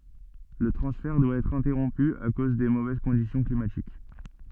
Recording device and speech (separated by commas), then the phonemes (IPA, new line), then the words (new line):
soft in-ear microphone, read sentence
lə tʁɑ̃sfɛʁ dwa ɛtʁ ɛ̃tɛʁɔ̃py a koz de movɛz kɔ̃disjɔ̃ klimatik
Le transfert doit être interrompu à cause des mauvaises conditions climatiques.